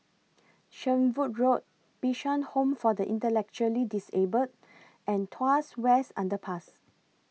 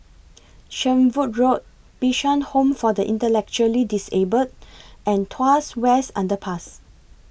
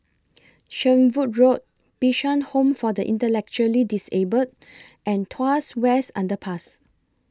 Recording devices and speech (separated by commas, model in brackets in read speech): mobile phone (iPhone 6), boundary microphone (BM630), close-talking microphone (WH20), read sentence